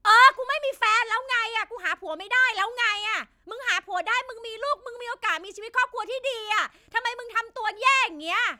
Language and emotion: Thai, angry